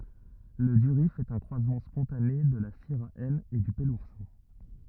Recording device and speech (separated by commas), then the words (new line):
rigid in-ear microphone, read sentence
Le durif est un croisement spontané de la syrah N et du peloursin.